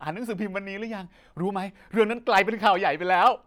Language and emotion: Thai, happy